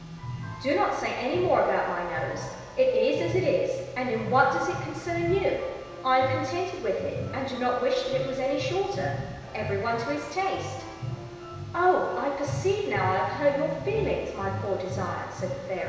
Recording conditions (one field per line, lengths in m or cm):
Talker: one person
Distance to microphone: 1.7 m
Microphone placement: close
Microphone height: 1.0 m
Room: very reverberant, large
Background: music